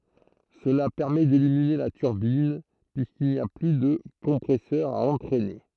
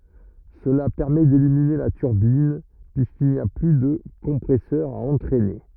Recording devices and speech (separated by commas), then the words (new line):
throat microphone, rigid in-ear microphone, read sentence
Cela permet d'éliminer la turbine, puisqu'il n'y a plus de compresseur à entraîner.